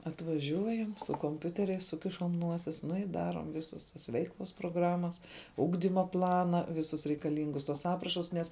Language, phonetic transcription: Lithuanian, atvaˈžiuojam su komˈpiuteriais ˈsukišam ˈnuosis nu i ˈdaruom ˈvisus tas ˈveiklus proˈgramas ˈugdyma ˈplana ˈvisus reikaˈlyngus tuos ˈaprašus nes

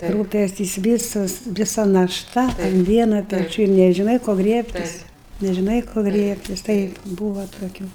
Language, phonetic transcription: Lithuanian, ˈrūpestis ˈvysas viˈsa naˈšta un ˈvieno peˈčių ir nežiˈnai ko ˈgriebtis nežiˈnai ko ˈgriebtis ˈtaip ˈbūva toˈkių

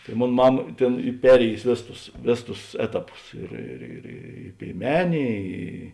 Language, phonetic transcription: Lithuanian, tai ˈmon ˈmama ˈtėn ˈy ˈperėjusi ˈvėˌsus tus ˈvėˌsus tus ˈetaˌpus ˈir ir ir ˈy pėiˈmenė ˈy

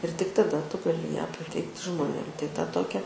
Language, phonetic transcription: Lithuanian, ir tik taˈda ˈtu gaˈli ją paˈteikti žmoˈnėm tai ta ˈtokia

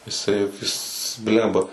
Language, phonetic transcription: Lithuanian, jiˈsai ˈjis ˈblemba

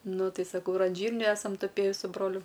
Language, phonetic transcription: Lithuanian, ˈnu ˈtai saˈkau ir an ˈžyrnių ˈesam tuˈpėji su ˈbroliu

